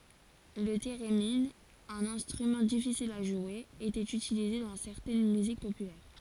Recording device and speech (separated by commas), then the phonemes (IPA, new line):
forehead accelerometer, read sentence
lə teʁemin œ̃n ɛ̃stʁymɑ̃ difisil a ʒwe etɛt ytilize dɑ̃ sɛʁtɛn myzik popylɛʁ